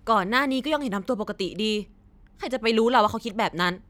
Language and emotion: Thai, angry